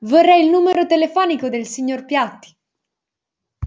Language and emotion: Italian, angry